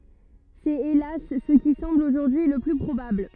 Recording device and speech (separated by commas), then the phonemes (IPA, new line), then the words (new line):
rigid in-ear microphone, read sentence
sɛt elas sə ki sɑ̃bl oʒuʁdyi lə ply pʁobabl
C’est hélas ce qui semble aujourd’hui le plus probable.